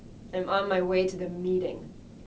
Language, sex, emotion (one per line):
English
female
neutral